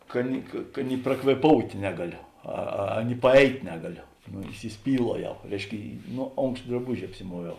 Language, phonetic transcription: Lithuanian, ˈka ni ka ˈka ni prakvėˈpoutė ˈnegaˌlio ˈa a ni paˈeit' ˈnegaˌlio no isiˈspyluoˌjau ˈreišˌki ˈno ˈonkšt draˈbuži apsiˈmuoviau

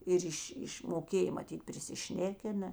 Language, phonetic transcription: Lithuanian, ˈir iš' ˈiš' moˈkėj maˈtyt prisiˈšnekina

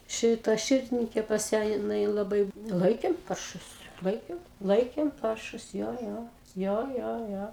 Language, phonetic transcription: Lithuanian, ˈšita ˈširdininkė pas ˈją jiˈnai laˈbai ˈlaikėm ˈparšus ˈlaikėm ˈlaikėm ˈparšus ˈjo ˈjo ˈjo ˈjo ˈjo

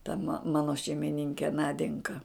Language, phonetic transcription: Lithuanian, ta ma ˈmano šeimiˈninke ˈnadenka

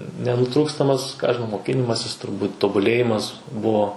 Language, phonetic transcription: Lithuanian, nenuˈtrūkstamas ką aš žiˈnau moˈkinimasis turˈbūt' tobuˈlėjimas ˈbuvo

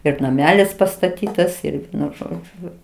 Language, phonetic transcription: Lithuanian, ir naˈmelis pastaˈtytas ir ˈvienu ˈžodžiu

